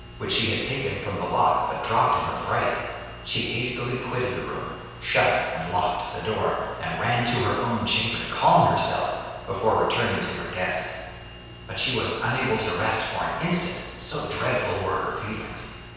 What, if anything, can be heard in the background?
Nothing.